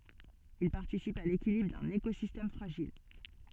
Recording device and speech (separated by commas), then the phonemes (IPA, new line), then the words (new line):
soft in-ear microphone, read sentence
il paʁtisipt a lekilibʁ dœ̃n ekozistɛm fʁaʒil
Ils participent à l'équilibre d'un écosystème fragile.